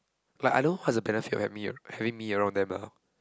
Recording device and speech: close-talking microphone, conversation in the same room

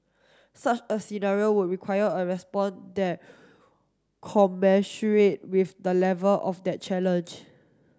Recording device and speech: standing microphone (AKG C214), read sentence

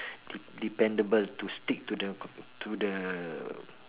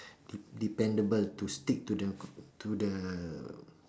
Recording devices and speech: telephone, standing microphone, conversation in separate rooms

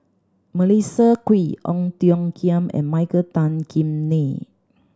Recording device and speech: standing microphone (AKG C214), read sentence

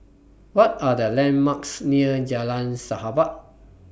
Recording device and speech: boundary microphone (BM630), read sentence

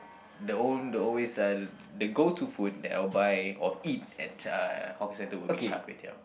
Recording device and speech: boundary microphone, conversation in the same room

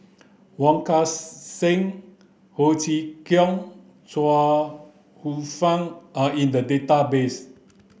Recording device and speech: boundary microphone (BM630), read sentence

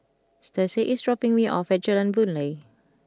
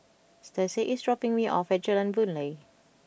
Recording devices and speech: close-talking microphone (WH20), boundary microphone (BM630), read sentence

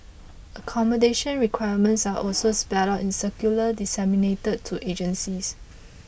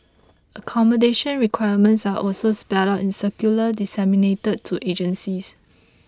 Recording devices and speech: boundary microphone (BM630), close-talking microphone (WH20), read sentence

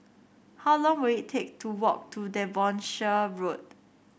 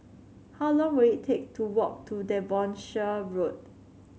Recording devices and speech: boundary microphone (BM630), mobile phone (Samsung C7), read sentence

